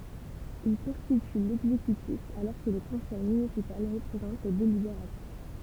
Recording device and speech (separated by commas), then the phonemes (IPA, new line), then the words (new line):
temple vibration pickup, read sentence
il kɔ̃stity lɛɡzekytif alɔʁ kə lə kɔ̃sɛj mynisipal ʁəpʁezɑ̃t lə delibeʁatif
Il constitue l'exécutif alors que le Conseil municipal représente le délibératif.